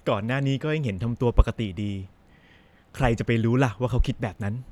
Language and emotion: Thai, neutral